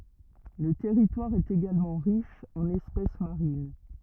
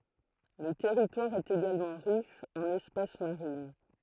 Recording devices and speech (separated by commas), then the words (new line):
rigid in-ear microphone, throat microphone, read sentence
Le territoire est également riche en espèces marines.